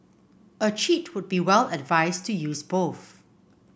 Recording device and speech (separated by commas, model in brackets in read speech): boundary microphone (BM630), read sentence